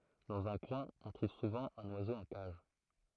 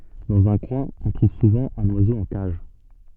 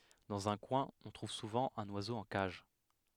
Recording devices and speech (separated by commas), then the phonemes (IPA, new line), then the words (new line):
throat microphone, soft in-ear microphone, headset microphone, read sentence
dɑ̃z œ̃ kwɛ̃ ɔ̃ tʁuv suvɑ̃ œ̃n wazo ɑ̃ kaʒ
Dans un coin, on trouve souvent un oiseau en cage.